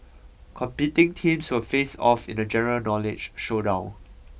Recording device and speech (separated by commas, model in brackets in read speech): boundary microphone (BM630), read sentence